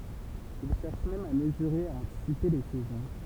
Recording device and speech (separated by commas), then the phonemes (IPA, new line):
temple vibration pickup, read sentence
il ʃɛʁʃ mɛm a məzyʁe e a ɑ̃tisipe le sɛzɔ̃